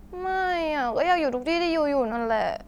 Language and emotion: Thai, sad